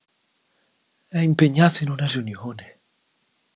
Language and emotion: Italian, surprised